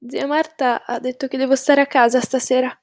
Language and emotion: Italian, fearful